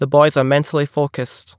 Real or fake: real